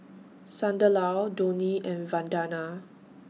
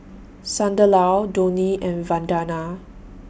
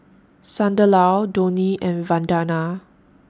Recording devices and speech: mobile phone (iPhone 6), boundary microphone (BM630), standing microphone (AKG C214), read sentence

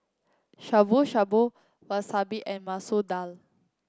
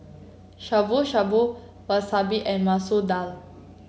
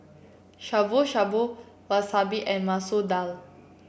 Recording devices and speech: close-talking microphone (WH30), mobile phone (Samsung C7), boundary microphone (BM630), read sentence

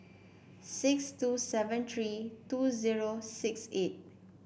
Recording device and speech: boundary microphone (BM630), read sentence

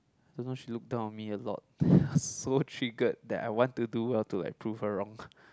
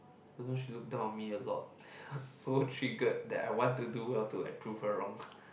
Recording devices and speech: close-talking microphone, boundary microphone, conversation in the same room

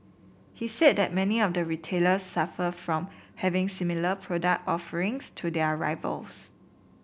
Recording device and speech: boundary microphone (BM630), read sentence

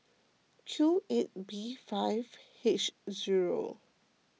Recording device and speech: mobile phone (iPhone 6), read sentence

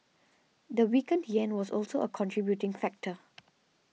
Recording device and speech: mobile phone (iPhone 6), read sentence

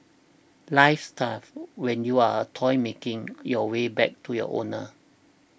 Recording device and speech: boundary microphone (BM630), read sentence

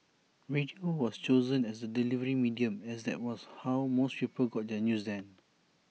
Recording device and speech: mobile phone (iPhone 6), read sentence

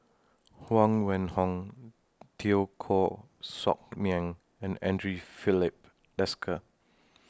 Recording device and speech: standing microphone (AKG C214), read sentence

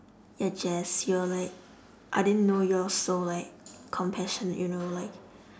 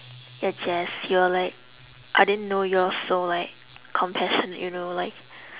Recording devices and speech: standing microphone, telephone, conversation in separate rooms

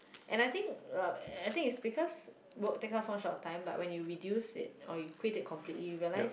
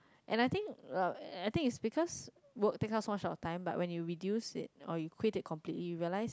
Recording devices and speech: boundary microphone, close-talking microphone, conversation in the same room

